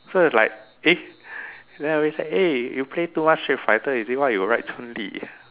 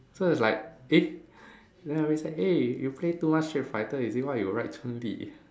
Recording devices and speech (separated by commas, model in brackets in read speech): telephone, standing microphone, conversation in separate rooms